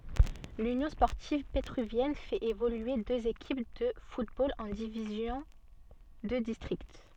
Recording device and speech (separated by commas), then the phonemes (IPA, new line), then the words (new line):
soft in-ear microphone, read sentence
lynjɔ̃ spɔʁtiv petʁyvjɛn fɛt evolye døz ekip də futbol ɑ̃ divizjɔ̃ də distʁikt
L'Union sportive pétruvienne fait évoluer deux équipes de football en divisions de district.